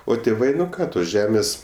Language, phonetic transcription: Lithuanian, o tėˈvai ˈką tos ˈžemės

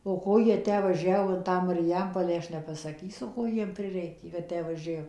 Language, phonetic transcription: Lithuanian, o ˈko ˈjie ˈtę vaˈžiavo in ˈtą mariˈjampolę ˈaš nepasaˈkysu ˈko ˈjiem ˈprireikė kad ˈtę vaˈžiav

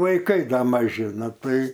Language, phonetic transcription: Lithuanian, vaiˈkai ˈda maˈži ˈnu ˈtai

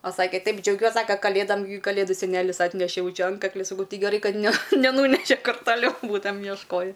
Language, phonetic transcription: Lithuanian, o ˈsake ˈtaip džiauˈgiuos ˈsaka kaˈlėdam kaˈlėdu seˈnelis ˈatnešė ˈjau ˈčia ˈantkakli saˈkau ˈtai geˈrai ˈkad ne neˈnūneše ˈkur taˈliau ˈbūtamem jiešˈkoji

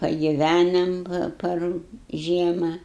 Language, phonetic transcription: Lithuanian, pagiˈvænam ˈpar ˈžiema

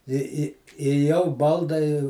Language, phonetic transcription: Lithuanian, i i i jau ˈbaldai

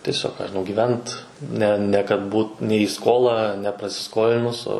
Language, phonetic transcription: Lithuanian, tieˈsiog ką žiˈnau gyˈvent ˈne ne kad ˈbūt ne į ˈskolą neprasiˈskolinus o

